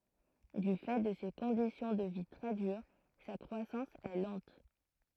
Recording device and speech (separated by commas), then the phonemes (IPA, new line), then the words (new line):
throat microphone, read sentence
dy fɛ də se kɔ̃disjɔ̃ də vi tʁɛ dyʁ sa kʁwasɑ̃s ɛ lɑ̃t
Du fait de ces conditions de vie très dures, sa croissance est lente.